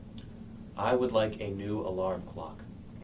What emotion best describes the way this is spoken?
neutral